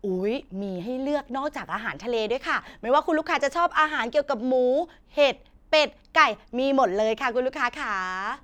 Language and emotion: Thai, happy